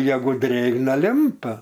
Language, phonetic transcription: Lithuanian, ˈjegu ˈdrėgna ˈlimpa

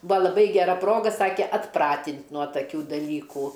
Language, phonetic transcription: Lithuanian, ˈbua laˈbai geˈra ˈproga ˈsake atˈpratint' nuo taˈkių daˈlykų

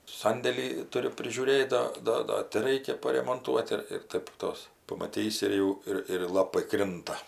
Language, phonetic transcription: Lithuanian, ˈsandėlį ˈturiu prižiūˈrėt ˈda ˈda ˈda ti ˈraikia paremonˈtuot ir ir ˈtaip ˈtos pamaˈtysi ir ˈjau ˈir ir ˈlapai ˈkrinta

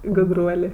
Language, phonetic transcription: Lithuanian, gudˈruolė

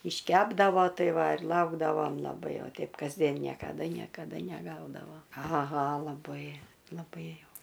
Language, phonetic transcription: Lithuanian, išˈkepdavo ˈtai ˈva ir ˈlaukdavom laˈbai o ˈteip kasˈdien niekaˈda niekaˈda neˈgaudavo aˈha laˈbai laˈbai jau

